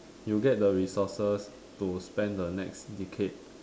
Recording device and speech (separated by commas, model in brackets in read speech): standing microphone, conversation in separate rooms